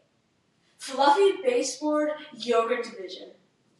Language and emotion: English, happy